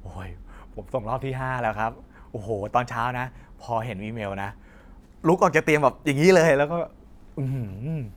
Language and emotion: Thai, happy